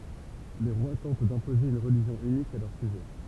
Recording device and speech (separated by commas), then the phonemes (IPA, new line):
temple vibration pickup, read sentence
le ʁwa tɑ̃t dɛ̃poze yn ʁəliʒjɔ̃ ynik a lœʁ syʒɛ